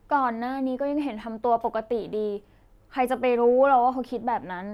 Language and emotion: Thai, frustrated